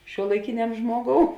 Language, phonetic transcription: Lithuanian, šiuolaiˈkiniam ˈžmuoˌgou

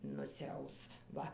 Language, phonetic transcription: Lithuanian, nusiˈaus ˈva

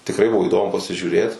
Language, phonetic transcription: Lithuanian, tikˈrai ˈbuvo įˈdomu pasižiūˈrėt

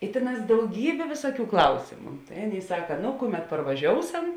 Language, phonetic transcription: Lithuanian, i ˈtėˌnās dauˈgybė ˈvėsuoˌkių ˈklausėmu tai ˈaˌnėi ˈsaka ˈno ˈkuˌmet parvaˈžiouˌsam

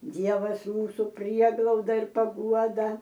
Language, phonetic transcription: Lithuanian, ˈdievasˈjūsu ˈprieglauda ir paˈguoda

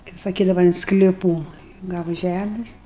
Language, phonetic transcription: Lithuanian, kaip saˈkydava in skliˈpų ˈgava ˈžæmis

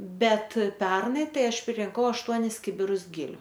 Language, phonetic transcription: Lithuanian, ˈbet ˈpernai ˈtai ˈaš pririnˈkau ašˈtuonis ˈkibirus ˈgiliu

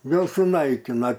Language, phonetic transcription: Lithuanian, ˈjuos suˈnaikina

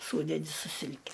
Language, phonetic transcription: Lithuanian, ˈsūdedi su ˈsilke

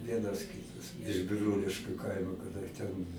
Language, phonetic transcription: Lithuanian, ˈvienas ˈkytas iš biˈrūliškiu ˈkaimo kaˈda ten

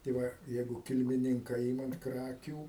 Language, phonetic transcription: Lithuanian, tai ˈva ˈjeigu kilmiˈninka ˈimam ˈkrakių

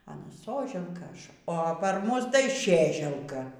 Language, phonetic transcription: Lithuanian, aˈna ˈsoželka ˈaš o par ˈmus tai ˈšėželka

